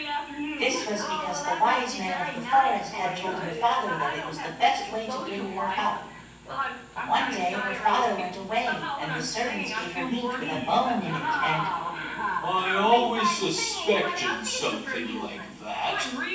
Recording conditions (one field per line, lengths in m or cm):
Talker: one person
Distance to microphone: 9.8 m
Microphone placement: far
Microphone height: 1.8 m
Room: large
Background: television